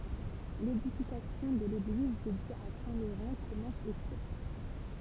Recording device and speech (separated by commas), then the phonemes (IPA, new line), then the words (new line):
temple vibration pickup, read sentence
ledifikasjɔ̃ də leɡliz dedje a sɛ̃ loʁɑ̃ kɔmɑ̃s o sjɛkl
L'édification de l'église dédiée à saint Laurent commence au siècle.